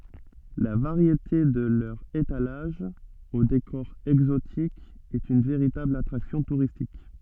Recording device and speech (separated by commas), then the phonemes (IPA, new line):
soft in-ear microphone, read sentence
la vaʁjete də lœʁz etalaʒz o dekɔʁ ɛɡzotik ɛt yn veʁitabl atʁaksjɔ̃ tuʁistik